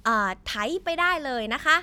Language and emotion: Thai, neutral